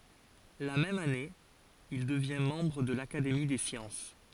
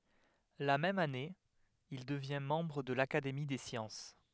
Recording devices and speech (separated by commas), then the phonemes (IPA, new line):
forehead accelerometer, headset microphone, read sentence
la mɛm ane il dəvjɛ̃ mɑ̃bʁ də lakademi de sjɑ̃s